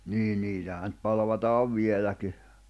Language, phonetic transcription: Finnish, 'nii 'niitähä ⁿʸᵗ 'palᵃvataav 'vieläki .
- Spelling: niin niitähän nyt palvataan vieläkin

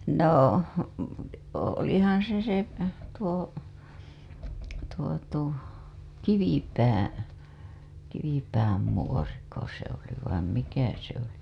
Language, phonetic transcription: Finnish, nò , o- , olihaa̰ se se tuo , tuo tuo , 'Kivipäää̰ , Kivipääm muoriko se ‿oli vaim 'mikä se ‿oli .
- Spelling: no - olihan se se tuo tuo tuo Kivipää Kivipään muoriko se oli vain mikä se oli

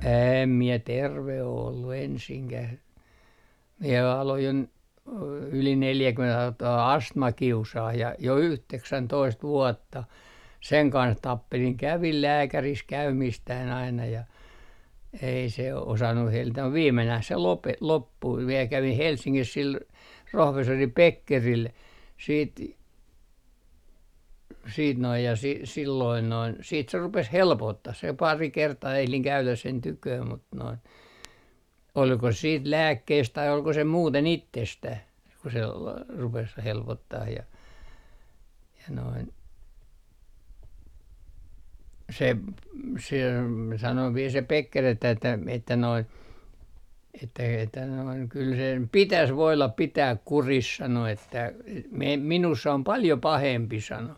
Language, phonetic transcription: Finnish, 'em mie "terve o ollu 'ensiŋkäh , mie aloj jo , yli 'neljäkyment alko toi "astma 'kiusaah ja jo "yhteksäntoist 'vuɔtta seŋ 'kans "tappeliŋ 'kävil "lääkäris 'käymiistään aina ja , ei se 'osannu 'hellitä muv "viimmenäh se 'lope- , 'loppui viel 'kävih "Helssiŋkis sil , 'rohvessori "Pekkeril siit , siit noij ja , si - silloin noin , siit se 'rupes "helpottah se 'pari 'kertaa ehliŋ 'käyläs sen "tyköö mut noin , olko siit "lääkkeist tai olko se 'muuten "ittestäh ku se la- , 'rupes 'helpottah ja , ja noin , 'se ‿p- , se , sano viel se 'Pekker ‿että että noi että että noiŋ » kyl sem "pitäs 'voilap 'pitääk "kuris » 'sano että , e - me - » 'minuss ‿om "paljo 'pahempi » 'sano .
- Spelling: en minä terve ole ollut ensinkään minä aloin jo yli neljäkymmentä alkoi tuo astma kiusaamaan ja jo yhdeksäntoista vuotta sen kanssa tappelin kävin lääkärissä käymistäni aina ja ei se osannut hellitä mutta viimenään se - loppui vielä kävin Helsingissä sillä professori Beckerillä sitten sitten noin ja - silloin noin sitten se rupesi helpottamaan se pari kertaa ehdin käydä sen tykönä mutta noin oliko sitten lääkkeistä tai oliko se muuten itsestään kun se - rupesi helpottamaan ja ja noin se - se sanoi vielä se Becker että että nuo että että noin kyllä sen pitäisi voida pitää kurissa sanoi että - - minussa on paljon pahempi sanoi

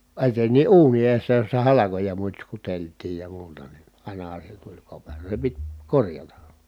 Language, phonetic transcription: Finnish, eten̆ni ʼuuni eessä jossa halakoja mutśkutelt̀iij ja muuta ni , àinaha se tuĺ kopero , se pit , korjata .
- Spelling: etenkin uuni edessä jossa halkoja mutskuteltiin ja muuta niin ainahan se tuli kopero se piti korjata

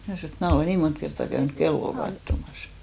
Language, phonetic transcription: Finnish, mä snò et 'mää olè 'nii mont kerttà käynyk "kello 'kattomas .
- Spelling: minä sanoin että minä olen niin monta kertaa käynyt kelloa katsomassa

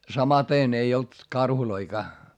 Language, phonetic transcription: Finnish, samatèn ei olt , karhuloikaa .
- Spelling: samaten ei ollut karhujakaan

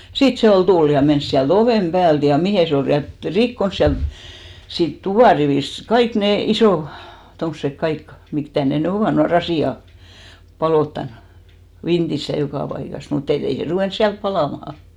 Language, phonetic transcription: Finnish, "sìt 'se ol 'tul ja 'mens siäl't ‿ovèm 'päält ja 'mihe se ol 'lyän ‿et , 'rikkons siält , siit "tuvàrivìst , 'kaik nè , 'isò , tomsek 'kaik , 'mik , (mi)tä 'ne ny 'ovà , nua "rasì₍a , 'palòttan , 'vintis ja 'jokà 'paikas , mut ‿et't ‿ei se 'ruvèns 'siälp 'palàmaha .
- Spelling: sitten se oli tullut ja mennyt sieltä oven päältä ja mihin se oli lyönyt että rikkonut sieltä siitä tuparivistä kaikki ne isot tuommoiset kaikki mitkä mitä ne nyt ovat nuo rasiat paloittanut vintissä ja joka paikassa mutta että ei se ruvennut siellä palamaan

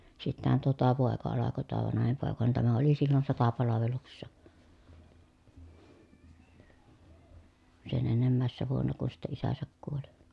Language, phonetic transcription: Finnish, sittähän toa tuo pòeka alako tuo vanahim pòeka ni tämä oli sillon sotapalaveluksessa , sen ennemmä̀essä vuonna kun̬ sittɛ isäsäk kuoli .
- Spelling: sittenhän tuo tuo poika alkoi tuo vanhin poika niin tämä oli silloin sotapalveluksessa sen ennemmäisenä vuonna kun sitten isänsä kuoli

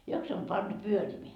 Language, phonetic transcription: Finnish, 'jok se om 'pantu "pyörimeä ?
- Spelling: joko se on pantu pyörimään

